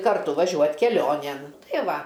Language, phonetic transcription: Lithuanian, karˈtu vaˈžiuot keˈlionėn ˈtai ˈva

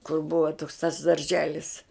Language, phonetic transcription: Lithuanian, kur ˈbuva toks tas darˈželis

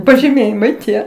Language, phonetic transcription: Lithuanian, pažiˈmėjimai tie

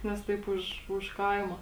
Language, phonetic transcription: Lithuanian, nes ˈtaip už už ˈkaimo

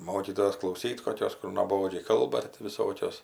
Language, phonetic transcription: Lithuanian, ˈmokytojos klauˈsyt koˈkios kur nuoˈbodžiai ˈkalba tai ti viˈsokios

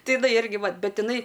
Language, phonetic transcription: Lithuanian, ˈtai iˈnai ˈirgi ˈva ˈbet iˈnai

